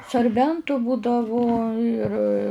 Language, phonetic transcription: Lithuanian, sarˈbentu ˈbūdavu ir

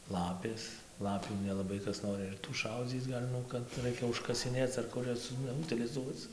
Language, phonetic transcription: Lithuanian, ˈlapės ˈlapių nelaˈbai ˈkas noˈri ir tų ˈšaudzyc ˈgal' ˈnu kad ˈraikia užkasiˈnėc ar ˈkur jas nu utiliˈzuoc

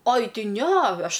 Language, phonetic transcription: Lithuanian, oj ˈti ˈne ˈaš

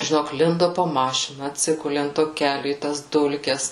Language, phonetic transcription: Lithuanian, žiˈnok ˈlindo po ˈmašina atˈsiguli ant ˈto ˈkeliu į tas ˈdulkes

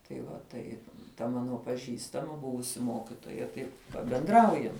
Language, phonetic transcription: Lithuanian, tai va ˈtaip ta ˈmano paˈžįstama ˈbuvusi ˈmokitoja ˈtai pabenˈdraujam

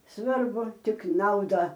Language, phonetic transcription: Lithuanian, ˈsvarbu ˈtik ˈnauda

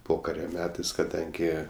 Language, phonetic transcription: Lithuanian, ˈpokario ˈmetais kaˈdangi

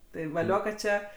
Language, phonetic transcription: Lithuanian, ˈtai vaˈlio kad ˈčia

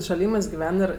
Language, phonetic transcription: Lithuanian, šaˈlymɜs giˈven ir

